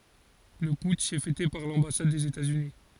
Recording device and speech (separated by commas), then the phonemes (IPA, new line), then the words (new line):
forehead accelerometer, read sentence
lə putʃ ɛ fɛte paʁ lɑ̃basad dez etaz yni
Le putsch est fêté par l’ambassade des États-Unis.